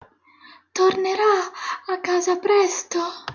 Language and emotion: Italian, fearful